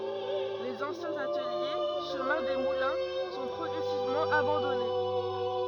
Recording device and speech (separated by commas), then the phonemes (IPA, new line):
rigid in-ear microphone, read sentence
lez ɑ̃sjɛ̃z atəlje ʃəmɛ̃ de mulɛ̃ sɔ̃ pʁɔɡʁɛsivmɑ̃ abɑ̃dɔne